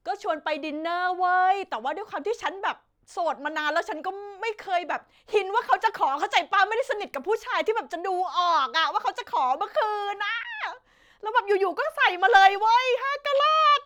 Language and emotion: Thai, happy